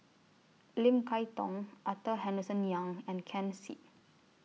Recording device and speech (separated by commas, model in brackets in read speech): mobile phone (iPhone 6), read sentence